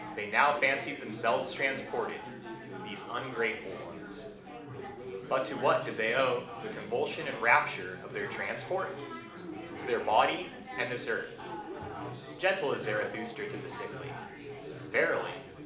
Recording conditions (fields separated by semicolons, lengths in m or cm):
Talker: one person; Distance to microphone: 2.0 m; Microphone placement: close; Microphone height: 99 cm; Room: medium-sized (5.7 m by 4.0 m); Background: babble